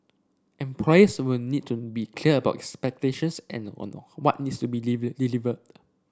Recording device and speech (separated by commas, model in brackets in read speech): standing microphone (AKG C214), read sentence